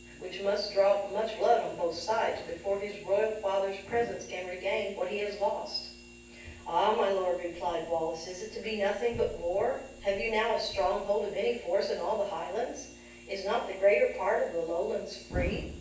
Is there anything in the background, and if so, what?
Nothing.